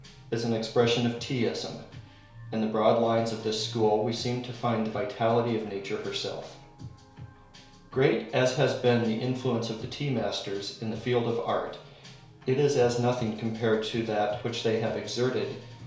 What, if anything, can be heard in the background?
Music.